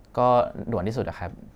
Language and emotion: Thai, frustrated